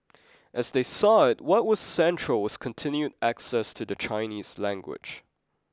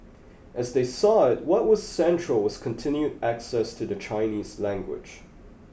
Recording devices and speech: close-talking microphone (WH20), boundary microphone (BM630), read sentence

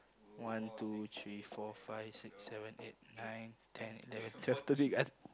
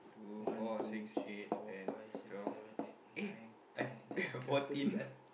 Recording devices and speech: close-talking microphone, boundary microphone, conversation in the same room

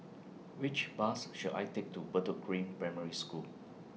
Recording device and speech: mobile phone (iPhone 6), read sentence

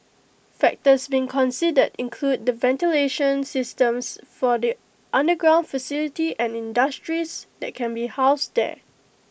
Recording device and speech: boundary microphone (BM630), read sentence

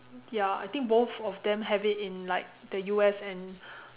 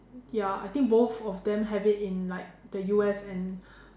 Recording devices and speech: telephone, standing microphone, conversation in separate rooms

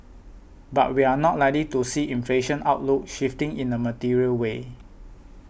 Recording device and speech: boundary microphone (BM630), read sentence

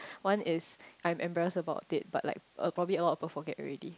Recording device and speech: close-talking microphone, conversation in the same room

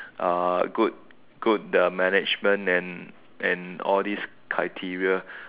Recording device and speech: telephone, conversation in separate rooms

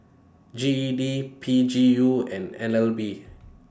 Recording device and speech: standing microphone (AKG C214), read sentence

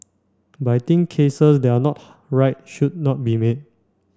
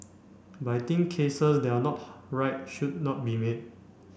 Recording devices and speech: standing microphone (AKG C214), boundary microphone (BM630), read sentence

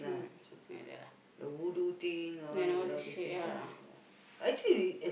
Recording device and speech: boundary microphone, conversation in the same room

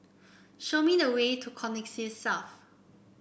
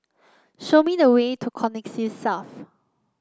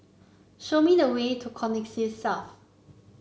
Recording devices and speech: boundary microphone (BM630), close-talking microphone (WH30), mobile phone (Samsung C9), read sentence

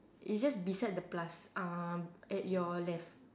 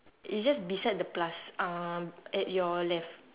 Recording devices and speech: standing microphone, telephone, conversation in separate rooms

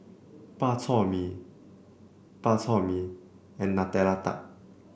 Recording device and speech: boundary microphone (BM630), read sentence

